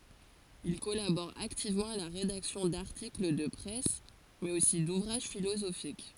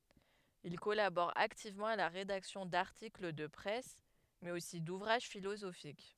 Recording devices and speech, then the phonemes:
forehead accelerometer, headset microphone, read sentence
il kɔlabɔʁ aktivmɑ̃ a la ʁedaksjɔ̃ daʁtikl də pʁɛs mɛz osi duvʁaʒ filozofik

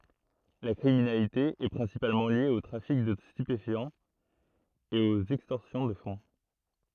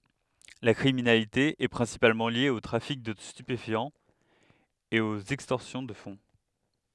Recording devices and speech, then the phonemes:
throat microphone, headset microphone, read sentence
la kʁiminalite ɛ pʁɛ̃sipalmɑ̃ lje o tʁafik də stypefjɑ̃z e oz ɛkstɔʁsjɔ̃ də fɔ̃

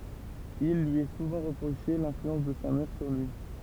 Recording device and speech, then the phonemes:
temple vibration pickup, read sentence
il lyi ɛ suvɑ̃ ʁəpʁoʃe lɛ̃flyɑ̃s də sa mɛʁ syʁ lyi

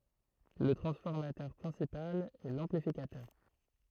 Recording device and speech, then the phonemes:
throat microphone, read sentence
lə tʁɑ̃sfɔʁmatœʁ pʁɛ̃sipal ɛ lɑ̃plifikatœʁ

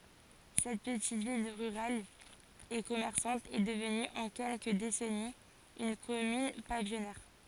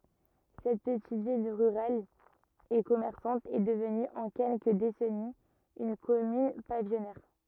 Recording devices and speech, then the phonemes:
forehead accelerometer, rigid in-ear microphone, read sentence
sɛt pətit vil ʁyʁal e kɔmɛʁsɑ̃t ɛ dəvny ɑ̃ kɛlkə desɛniz yn kɔmyn pavijɔnɛʁ

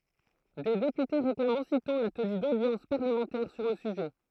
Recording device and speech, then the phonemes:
throat microphone, read sentence
de depyte ʁeklamt ositɔ̃ la təny dodjɑ̃s paʁləmɑ̃tɛʁ syʁ lə syʒɛ

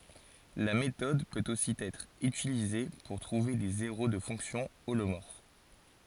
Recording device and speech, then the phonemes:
forehead accelerometer, read sentence
la metɔd pøt osi ɛtʁ ytilize puʁ tʁuve de zeʁo də fɔ̃ksjɔ̃ olomɔʁf

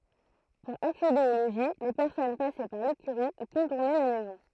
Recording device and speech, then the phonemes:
throat microphone, read sentence
puʁ aksede o loʒi le pɛʁsɔn pasɛ paʁ lekyʁi u kɔ̃tuʁnɛ la mɛzɔ̃

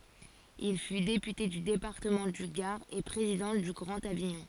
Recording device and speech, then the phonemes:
forehead accelerometer, read sentence
il fy depyte dy depaʁtəmɑ̃ dy ɡaʁ e pʁezidɑ̃ dy ɡʁɑ̃t aviɲɔ̃

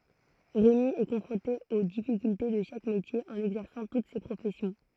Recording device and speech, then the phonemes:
throat microphone, read sentence
ʁemi ɛ kɔ̃fʁɔ̃te o difikylte də ʃak metje ɑ̃n ɛɡzɛʁsɑ̃ tut se pʁofɛsjɔ̃

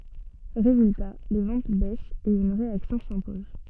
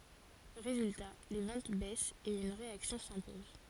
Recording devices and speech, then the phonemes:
soft in-ear microphone, forehead accelerometer, read sentence
ʁezylta le vɑ̃t bɛst e yn ʁeaksjɔ̃ sɛ̃pɔz

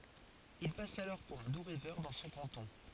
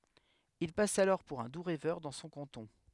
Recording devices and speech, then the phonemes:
forehead accelerometer, headset microphone, read sentence
il pas alɔʁ puʁ œ̃ du ʁɛvœʁ dɑ̃ sɔ̃ kɑ̃tɔ̃

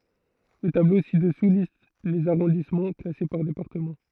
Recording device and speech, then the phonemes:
throat microphone, read sentence
lə tablo si dəsu list lez aʁɔ̃dismɑ̃ klase paʁ depaʁtəmɑ̃

